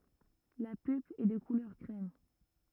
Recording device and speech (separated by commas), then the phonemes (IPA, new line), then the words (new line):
rigid in-ear microphone, read sentence
la pylp ɛ də kulœʁ kʁɛm
La pulpe est de couleur crème.